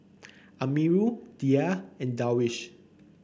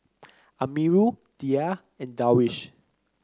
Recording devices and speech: boundary microphone (BM630), close-talking microphone (WH30), read sentence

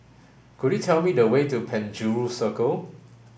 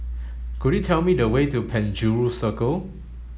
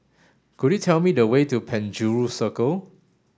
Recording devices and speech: boundary microphone (BM630), mobile phone (Samsung S8), standing microphone (AKG C214), read sentence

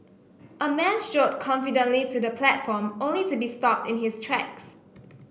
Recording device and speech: boundary microphone (BM630), read sentence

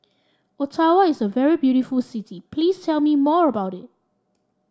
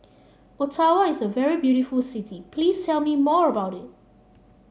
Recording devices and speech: standing microphone (AKG C214), mobile phone (Samsung C7), read sentence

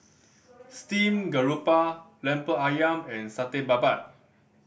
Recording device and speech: boundary microphone (BM630), read sentence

